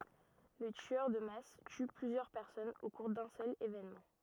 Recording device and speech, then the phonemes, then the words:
rigid in-ear microphone, read sentence
lə tyœʁ də mas ty plyzjœʁ pɛʁsɔnz o kuʁ dœ̃ sœl evenmɑ̃
Le tueur de masse tue plusieurs personnes au cours d'un seul événement.

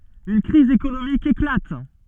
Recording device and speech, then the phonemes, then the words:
soft in-ear microphone, read sentence
yn kʁiz ekonomik eklat
Une crise économique éclate.

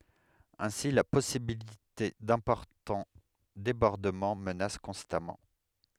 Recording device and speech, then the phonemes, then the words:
headset microphone, read sentence
ɛ̃si la pɔsibilite dɛ̃pɔʁtɑ̃ debɔʁdəmɑ̃ mənas kɔ̃stamɑ̃
Ainsi la possibilité d'importants débordements menace constamment.

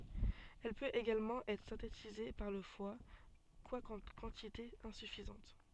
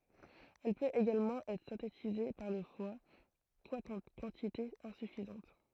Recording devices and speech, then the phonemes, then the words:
soft in-ear microphone, throat microphone, read sentence
ɛl pøt eɡalmɑ̃ ɛtʁ sɛ̃tetize paʁ lə fwa kwakɑ̃ kɑ̃titez ɛ̃syfizɑ̃t
Elle peut également être synthétisée par le foie, quoiqu'en quantités insuffisantes.

